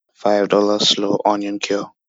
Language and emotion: English, disgusted